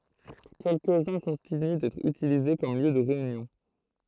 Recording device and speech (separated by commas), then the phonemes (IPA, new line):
throat microphone, read sentence
kɛlkəzœ̃ kɔ̃tiny dɛtʁ ytilize kɔm ljø də ʁeynjɔ̃